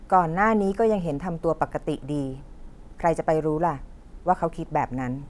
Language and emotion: Thai, neutral